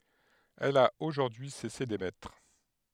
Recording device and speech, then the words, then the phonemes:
headset microphone, read sentence
Elle a aujourd’hui cessé d’émettre.
ɛl a oʒuʁdyi y sɛse demɛtʁ

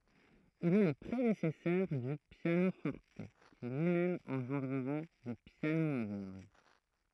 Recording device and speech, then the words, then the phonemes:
throat microphone, read sentence
Il est le prédécesseur du piano-forte, qui lui-même engendra le piano moderne.
il ɛ lə pʁedesɛsœʁ dy pjanofɔʁt ki lyimɛm ɑ̃ʒɑ̃dʁa lə pjano modɛʁn

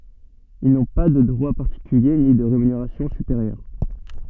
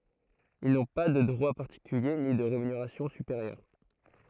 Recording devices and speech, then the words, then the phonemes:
soft in-ear microphone, throat microphone, read sentence
Ils n’ont pas de droits particuliers ni de rémunération supérieure.
il nɔ̃ pa də dʁwa paʁtikylje ni də ʁemyneʁasjɔ̃ sypeʁjœʁ

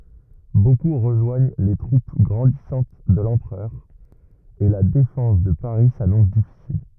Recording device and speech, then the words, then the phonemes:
rigid in-ear microphone, read sentence
Beaucoup rejoignent les troupes grandissantes de l'Empereur, et la défense de Paris s'annonce difficile.
boku ʁəʒwaɲ le tʁup ɡʁɑ̃disɑ̃t də lɑ̃pʁœʁ e la defɑ̃s də paʁi sanɔ̃s difisil

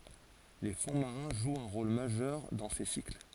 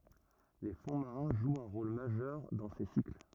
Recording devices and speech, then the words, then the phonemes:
forehead accelerometer, rigid in-ear microphone, read sentence
Les fonds marins jouent un rôle majeur dans ces cycles.
le fɔ̃ maʁɛ̃ ʒwt œ̃ ʁol maʒœʁ dɑ̃ se sikl

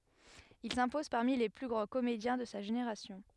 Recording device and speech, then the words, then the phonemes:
headset microphone, read sentence
Il s'impose parmi les plus grands comédiens de sa génération.
il sɛ̃pɔz paʁmi le ply ɡʁɑ̃ komedjɛ̃ də sa ʒeneʁasjɔ̃

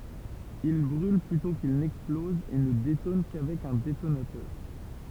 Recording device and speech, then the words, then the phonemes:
temple vibration pickup, read sentence
Il brûle plutôt qu'il n'explose et ne détonne qu’avec un détonateur.
il bʁyl plytɔ̃ kil nɛksplɔz e nə detɔn kavɛk œ̃ detonatœʁ

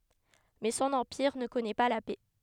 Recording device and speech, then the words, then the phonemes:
headset microphone, read sentence
Mais son empire ne connaît pas la paix.
mɛ sɔ̃n ɑ̃piʁ nə kɔnɛ pa la pɛ

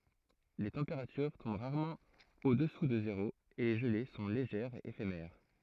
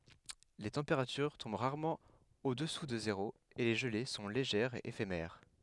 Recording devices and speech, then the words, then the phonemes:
throat microphone, headset microphone, read sentence
Les températures tombent rarement au-dessous de zéro, et les gelées sont légères et éphémères.
le tɑ̃peʁatyʁ tɔ̃b ʁaʁmɑ̃ odɛsu də zeʁo e le ʒəle sɔ̃ leʒɛʁz e efemɛʁ

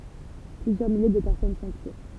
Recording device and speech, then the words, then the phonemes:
temple vibration pickup, read sentence
Plusieurs milliers de personnes sont tuées..
plyzjœʁ milje də pɛʁsɔn sɔ̃ tye

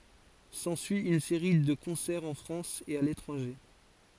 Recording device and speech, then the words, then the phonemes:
forehead accelerometer, read sentence
S'ensuit une série de concerts en France et à l'étranger.
sɑ̃syi yn seʁi də kɔ̃sɛʁz ɑ̃ fʁɑ̃s e a letʁɑ̃ʒe

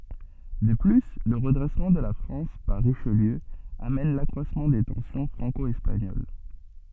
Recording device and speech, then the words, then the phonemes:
soft in-ear microphone, read sentence
De plus, le redressement de la France par Richelieu amène l'accroissement des tensions franco-espagnoles.
də ply lə ʁədʁɛsmɑ̃ də la fʁɑ̃s paʁ ʁiʃliø amɛn lakʁwasmɑ̃ de tɑ̃sjɔ̃ fʁɑ̃ko ɛspaɲol

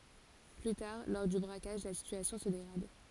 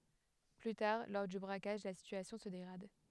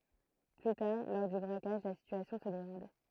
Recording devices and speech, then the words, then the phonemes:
forehead accelerometer, headset microphone, throat microphone, read sentence
Plus tard, lors du braquage, la situation se dégrade.
ply taʁ lɔʁ dy bʁakaʒ la sityasjɔ̃ sə deɡʁad

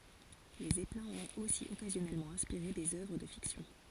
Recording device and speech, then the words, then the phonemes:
forehead accelerometer, read sentence
Les zeppelins ont aussi occasionnellement inspiré des œuvres de fiction.
le zɛplɛ̃z ɔ̃t osi ɔkazjɔnɛlmɑ̃ ɛ̃spiʁe dez œvʁ də fiksjɔ̃

